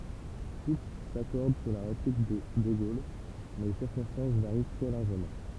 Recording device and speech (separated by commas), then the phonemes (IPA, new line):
temple vibration pickup, read sentence
tut sakɔʁd syʁ la ʁeplik də də ɡol mɛ le siʁkɔ̃stɑ̃s vaʁi tʁɛ laʁʒəmɑ̃